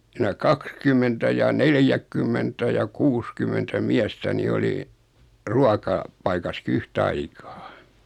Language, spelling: Finnish, sinä kaksikymmentä ja neljäkymmentä ja kuusikymmentä miestä niin oli - ruokapaikassakin yhtaikaa
- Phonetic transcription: sinä "kakskymmentä ja "neljäkkymmentä ja "kuuskym̆mentä 'miästä ni 'oli , 'ruaka- , -'paikaski "yh'taikaa .

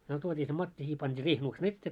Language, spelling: Finnish, me tuotiin se matti siihen pantiin riihenuksen eteen
- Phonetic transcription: myö 'tuot́ii se "matti siih pant́ii 'riihenuksen "ettee .

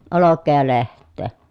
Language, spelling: Finnish, olkea ja lehteä
- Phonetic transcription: olokkee ja leht̆tee .

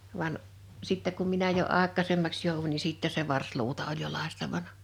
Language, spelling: Finnish, vaan sitten kun minä jo aikaisemmaksi jouduin niin sitten se varsiluuta oli jo lakaistavana
- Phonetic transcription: 'van , 'sittɛ kum 'minä jo 'àek̆kàsemmaks jòuvuń ni 'sìttɛse 'varsluuta oĺ jo 'làistavana .

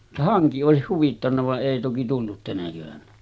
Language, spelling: Finnish, vaan hanki olisi huvittanut vaan ei toki tullut tänä keväänä
- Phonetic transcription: va 'haŋki òesih 'huvittanna va’ ’èi toki 'tullut tänä kevänä .

